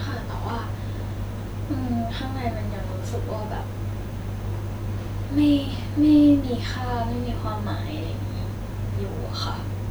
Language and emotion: Thai, sad